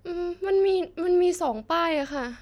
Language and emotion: Thai, sad